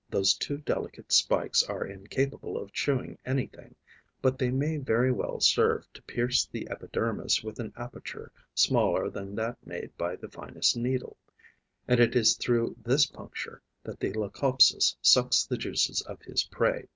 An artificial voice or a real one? real